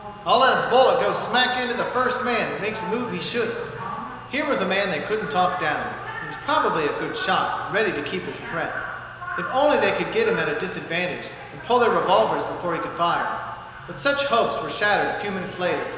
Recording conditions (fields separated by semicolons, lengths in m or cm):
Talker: one person; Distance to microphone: 1.7 m; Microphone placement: close; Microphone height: 1.0 m; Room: very reverberant, large; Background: television